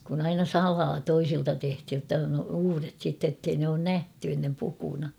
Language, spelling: Finnish, kun aina salaa toisilta tehtiin jotta on uudet sitten että ei ne ole nähty ennen pukuna
- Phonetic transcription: kun ‿aina "salaa 'toisilta tehthij jotta on 'uuret sitte ‿ttei ne oon "nähty ennem 'pukuna .

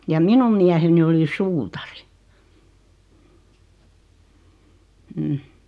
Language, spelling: Finnish, ja minun mieheni oli suutari mm
- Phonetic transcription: ja "minum miäheni oli "suutari , m̥ .

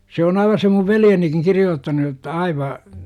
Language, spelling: Finnish, se on aivan se minun veljenikin kirjoittanut jotta aivan
- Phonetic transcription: se o'n ‿aiva se muv "veljenikiŋ 'kirijoottanu jotta aiva , .

